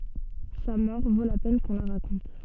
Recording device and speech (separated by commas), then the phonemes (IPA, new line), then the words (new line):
soft in-ear microphone, read sentence
sa mɔʁ vo la pɛn kɔ̃ la ʁakɔ̃t
Sa mort vaut la peine qu'on la raconte.